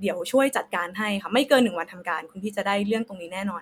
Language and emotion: Thai, neutral